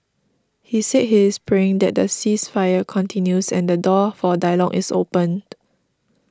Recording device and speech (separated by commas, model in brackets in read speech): standing microphone (AKG C214), read sentence